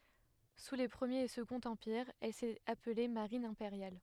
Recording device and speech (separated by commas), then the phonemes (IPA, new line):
headset microphone, read sentence
su le pʁəmjeʁ e səɡɔ̃t ɑ̃piʁz ɛl sɛt aple maʁin ɛ̃peʁjal